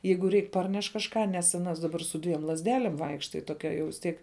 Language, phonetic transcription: Lithuanian, ˈjeigu ˈreik ˈparneš kažˈką nes aˈnas daˈbar su ˈdviem lazˈdelėm ˈvaikšta ji toˈkia jau vis ˈtiek

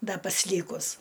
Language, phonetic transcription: Lithuanian, ˈda pasˈlykus

